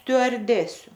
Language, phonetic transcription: Lithuanian, stiuarˈdesiu

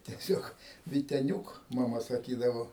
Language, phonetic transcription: Lithuanian, teˈsiog viteˈniūk maˈma saˈkydavo

